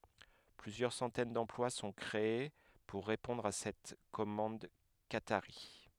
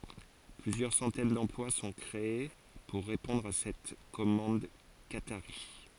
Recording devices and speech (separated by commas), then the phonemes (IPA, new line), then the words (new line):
headset microphone, forehead accelerometer, read sentence
plyzjœʁ sɑ̃tɛn dɑ̃plwa sɔ̃ kʁee puʁ ʁepɔ̃dʁ a sɛt kɔmɑ̃d kataʁi
Plusieurs centaines d’emplois sont créées pour répondre à cette commande qatarie.